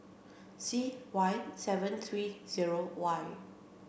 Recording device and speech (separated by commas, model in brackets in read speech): boundary microphone (BM630), read sentence